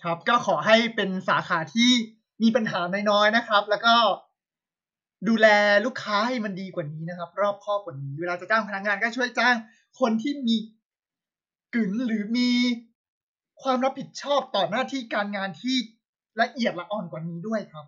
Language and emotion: Thai, frustrated